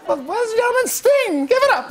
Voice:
high-pitched voice